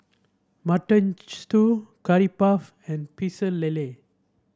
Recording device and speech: standing microphone (AKG C214), read sentence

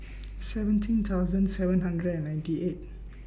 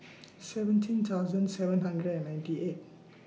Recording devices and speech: boundary microphone (BM630), mobile phone (iPhone 6), read sentence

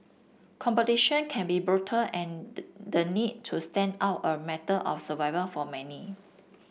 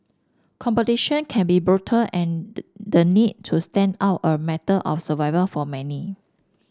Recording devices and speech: boundary microphone (BM630), standing microphone (AKG C214), read sentence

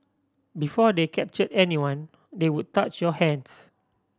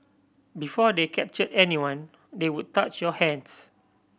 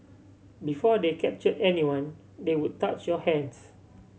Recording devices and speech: standing microphone (AKG C214), boundary microphone (BM630), mobile phone (Samsung C7100), read sentence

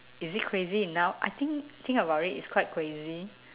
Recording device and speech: telephone, conversation in separate rooms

